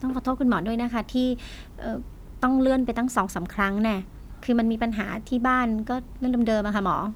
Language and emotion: Thai, frustrated